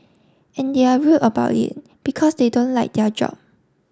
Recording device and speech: standing microphone (AKG C214), read sentence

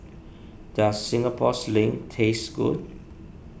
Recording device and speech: boundary microphone (BM630), read sentence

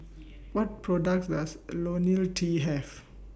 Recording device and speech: boundary microphone (BM630), read sentence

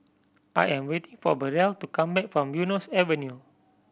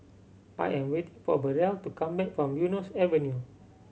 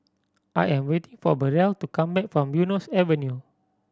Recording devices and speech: boundary microphone (BM630), mobile phone (Samsung C7100), standing microphone (AKG C214), read sentence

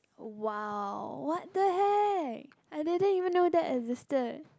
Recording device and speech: close-talking microphone, conversation in the same room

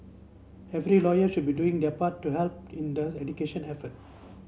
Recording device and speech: mobile phone (Samsung C7), read sentence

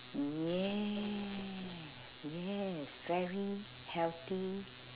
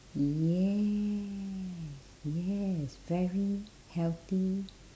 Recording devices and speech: telephone, standing microphone, conversation in separate rooms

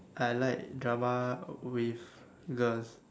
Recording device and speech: standing microphone, conversation in separate rooms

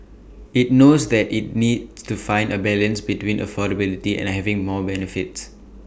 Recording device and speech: boundary microphone (BM630), read sentence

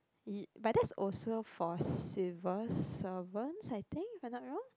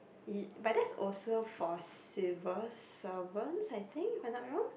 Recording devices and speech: close-talking microphone, boundary microphone, conversation in the same room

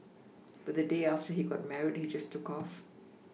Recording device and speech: mobile phone (iPhone 6), read sentence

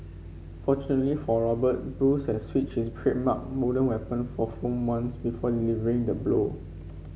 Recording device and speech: mobile phone (Samsung C5), read sentence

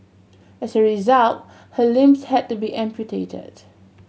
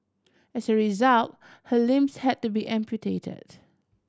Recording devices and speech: mobile phone (Samsung C7100), standing microphone (AKG C214), read sentence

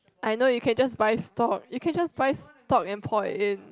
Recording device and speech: close-talking microphone, conversation in the same room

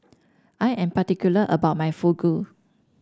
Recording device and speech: standing microphone (AKG C214), read sentence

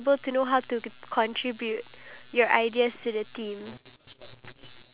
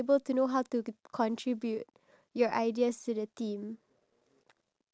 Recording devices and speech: telephone, standing microphone, conversation in separate rooms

